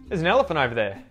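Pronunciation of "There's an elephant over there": In 'elephant', the t at the end, after the n, is muted.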